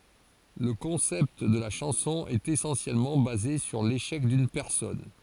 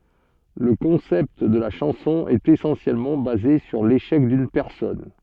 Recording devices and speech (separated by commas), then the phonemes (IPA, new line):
forehead accelerometer, soft in-ear microphone, read sentence
lə kɔ̃sɛpt də la ʃɑ̃sɔ̃ ɛt esɑ̃sjɛlmɑ̃ baze syʁ leʃɛk dyn pɛʁsɔn